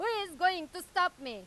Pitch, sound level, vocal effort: 360 Hz, 102 dB SPL, very loud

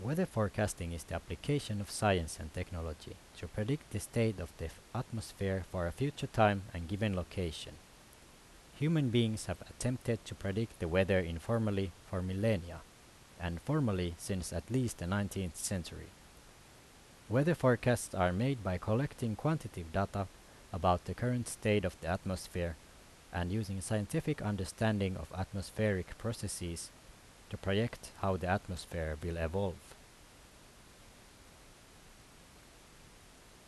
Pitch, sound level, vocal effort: 95 Hz, 80 dB SPL, normal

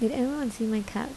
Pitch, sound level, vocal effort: 230 Hz, 75 dB SPL, soft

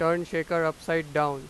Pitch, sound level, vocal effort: 165 Hz, 95 dB SPL, loud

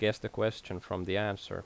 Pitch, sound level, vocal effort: 105 Hz, 82 dB SPL, normal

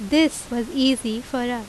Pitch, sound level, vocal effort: 245 Hz, 86 dB SPL, loud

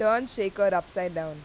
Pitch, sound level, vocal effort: 190 Hz, 92 dB SPL, loud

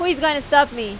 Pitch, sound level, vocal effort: 285 Hz, 94 dB SPL, very loud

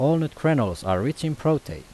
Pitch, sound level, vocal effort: 145 Hz, 86 dB SPL, normal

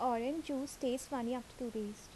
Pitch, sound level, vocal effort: 250 Hz, 77 dB SPL, soft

